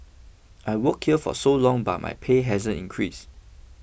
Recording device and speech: boundary microphone (BM630), read sentence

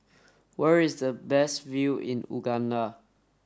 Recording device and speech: standing microphone (AKG C214), read sentence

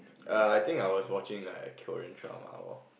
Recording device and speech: boundary microphone, conversation in the same room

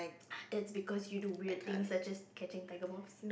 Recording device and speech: boundary microphone, conversation in the same room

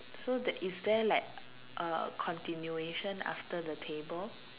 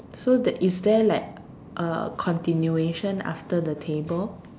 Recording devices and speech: telephone, standing microphone, conversation in separate rooms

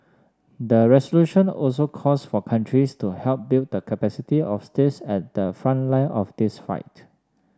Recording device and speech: standing microphone (AKG C214), read sentence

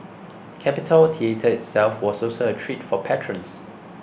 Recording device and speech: boundary microphone (BM630), read sentence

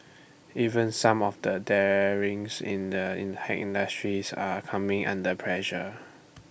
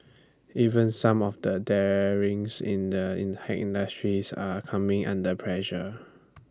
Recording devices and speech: boundary microphone (BM630), standing microphone (AKG C214), read sentence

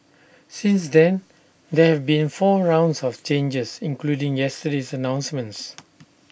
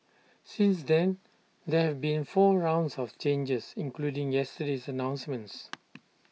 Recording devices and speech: boundary microphone (BM630), mobile phone (iPhone 6), read sentence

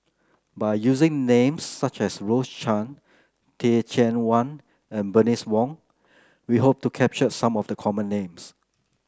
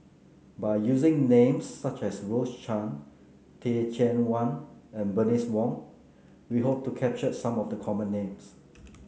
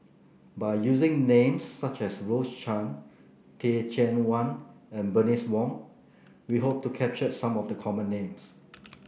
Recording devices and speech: close-talking microphone (WH30), mobile phone (Samsung C9), boundary microphone (BM630), read sentence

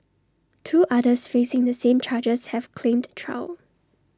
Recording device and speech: standing microphone (AKG C214), read sentence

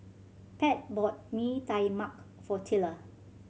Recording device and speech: mobile phone (Samsung C7100), read sentence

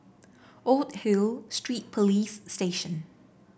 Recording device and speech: boundary microphone (BM630), read sentence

